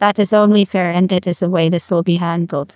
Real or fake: fake